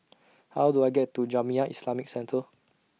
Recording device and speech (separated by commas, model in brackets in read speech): mobile phone (iPhone 6), read sentence